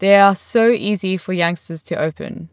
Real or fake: real